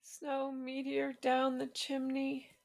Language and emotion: English, fearful